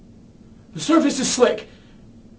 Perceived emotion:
fearful